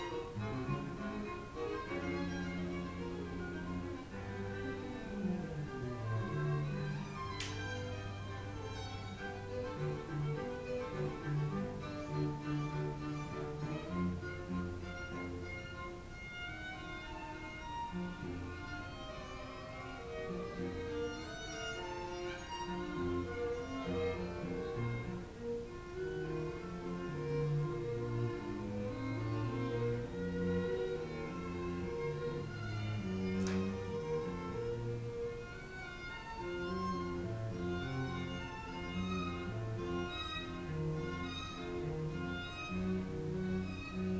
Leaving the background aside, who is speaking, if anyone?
No one.